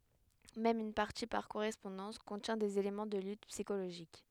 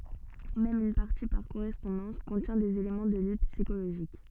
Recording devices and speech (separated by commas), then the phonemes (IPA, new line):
headset microphone, soft in-ear microphone, read sentence
mɛm yn paʁti paʁ koʁɛspɔ̃dɑ̃s kɔ̃tjɛ̃ dez elemɑ̃ də lyt psikoloʒik